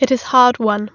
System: none